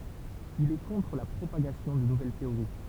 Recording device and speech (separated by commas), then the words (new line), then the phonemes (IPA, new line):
temple vibration pickup, read sentence
Il est contre la propagation de nouvelles théories.
il ɛ kɔ̃tʁ la pʁopaɡasjɔ̃ də nuvɛl teoʁi